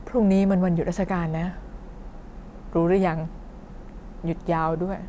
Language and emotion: Thai, neutral